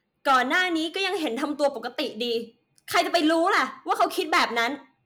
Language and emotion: Thai, angry